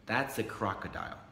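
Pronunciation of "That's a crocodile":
'That's a crocodile' is said as a plain statement of fact: the voice starts high and falls.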